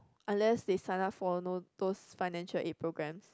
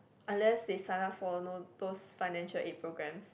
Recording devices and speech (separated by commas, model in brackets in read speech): close-talking microphone, boundary microphone, conversation in the same room